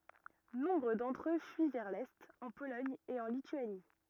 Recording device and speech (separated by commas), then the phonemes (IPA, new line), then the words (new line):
rigid in-ear microphone, read sentence
nɔ̃bʁ dɑ̃tʁ ø fyi vɛʁ lɛt ɑ̃ polɔɲ e ɑ̃ lityani
Nombre d'entre eux fuient vers l’est, en Pologne et en Lituanie.